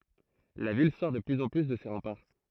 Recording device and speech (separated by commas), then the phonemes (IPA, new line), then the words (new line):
throat microphone, read sentence
la vil sɔʁ də plyz ɑ̃ ply də se ʁɑ̃paʁ
La ville sort de plus en plus de ses remparts.